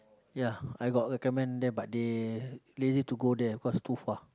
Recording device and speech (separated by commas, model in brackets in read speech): close-talking microphone, conversation in the same room